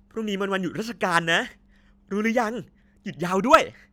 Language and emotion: Thai, happy